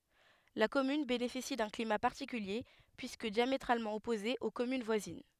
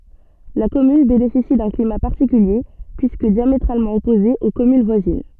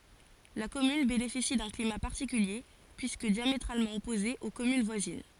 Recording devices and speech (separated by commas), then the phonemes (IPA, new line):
headset microphone, soft in-ear microphone, forehead accelerometer, read sentence
la kɔmyn benefisi dœ̃ klima paʁtikylje pyiskə djametʁalmɑ̃ ɔpoze o kɔmyn vwazin